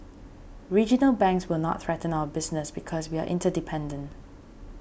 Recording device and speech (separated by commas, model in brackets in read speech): boundary microphone (BM630), read sentence